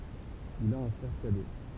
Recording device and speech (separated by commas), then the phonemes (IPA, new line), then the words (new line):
temple vibration pickup, read sentence
il a œ̃ fʁɛʁ kadɛ
Il a un frère cadet.